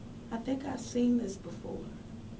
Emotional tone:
neutral